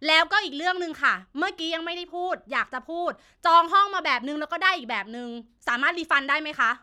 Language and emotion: Thai, angry